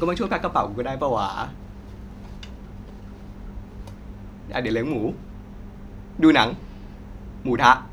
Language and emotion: Thai, frustrated